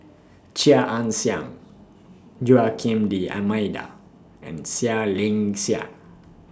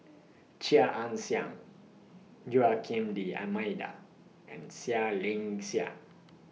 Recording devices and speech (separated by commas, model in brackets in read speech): standing microphone (AKG C214), mobile phone (iPhone 6), read sentence